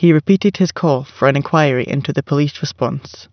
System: none